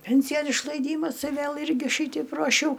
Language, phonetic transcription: Lithuanian, ˈpensijon išlaiˈdymas i ˈvėl ˈirgi ˈšyteip ruoˈšiau

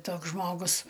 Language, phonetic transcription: Lithuanian, ˈtoks ˈžmogus

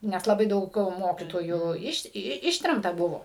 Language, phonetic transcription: Lithuanian, nes laˈbai ˈdaug ˈmokytojų ˈiš ˈištremta ˈbuvo

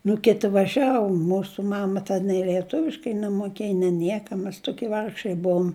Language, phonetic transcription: Lithuanian, nu ˈkiti vaˈžiavu ˈmūsu ˈmama ten nei lieˈtuviškai nemuˈkėj ne ˈnieka mes ˈtukie ˈvargšai ˈbuum

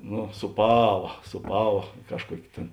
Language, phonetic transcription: Lithuanian, nu sūˈpava sūˈpava ˈkažˌkuok' tėn

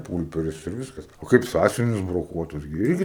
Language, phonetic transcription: Lithuanian, ˈpūlperis ir ˈviskas o ˈkaip ˈsąsiuvinius broˈkuotus gi ˈirgi

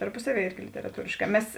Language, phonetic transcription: Lithuanian, tarˈpusaˌvie ˈirgi literaˈtūrėšˌkā ˈmes

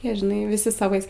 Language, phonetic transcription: Lithuanian, ˈjie žiˈnai viˈsi saˈvais

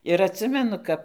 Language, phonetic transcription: Lithuanian, ir atˈsimenu ˈkap

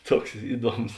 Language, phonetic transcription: Lithuanian, ˈtuoks ˈiˌduoms

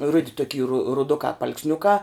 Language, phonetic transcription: Lithuanian, ˈrudi toˈky ru ruˈdukā paalksˈniukā

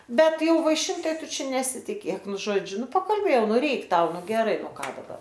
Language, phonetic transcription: Lithuanian, ˈbet ˈjau vaiˈšint ˈtai ˈtu ˈčia nesitiˈkėk ˈnu ˈžodžiu ˈnu pakalˈbėjau ˈnu ˈreik ˈtau ˈnu geˈrai o ˈką daˈbar

